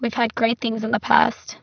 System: VC, spectral filtering